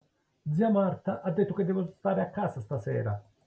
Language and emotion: Italian, angry